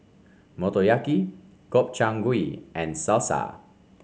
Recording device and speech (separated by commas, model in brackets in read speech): mobile phone (Samsung C5), read sentence